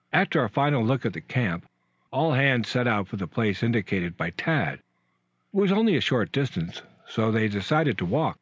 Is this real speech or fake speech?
real